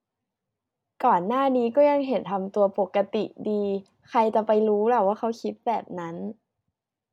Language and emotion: Thai, neutral